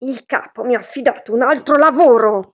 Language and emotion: Italian, angry